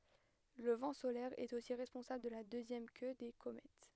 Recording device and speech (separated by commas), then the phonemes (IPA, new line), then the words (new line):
headset microphone, read sentence
lə vɑ̃ solɛʁ ɛt osi ʁɛspɔ̃sabl də la døzjɛm kø de komɛt
Le vent solaire est aussi responsable de la deuxième queue des comètes.